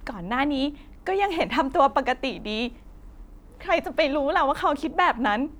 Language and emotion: Thai, sad